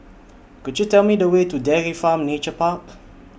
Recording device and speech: boundary microphone (BM630), read sentence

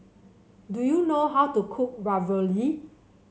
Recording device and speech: mobile phone (Samsung C7), read sentence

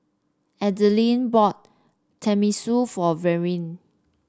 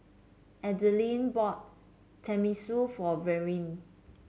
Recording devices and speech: standing microphone (AKG C214), mobile phone (Samsung C7), read sentence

